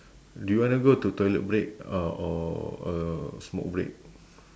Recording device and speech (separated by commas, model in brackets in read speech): standing microphone, conversation in separate rooms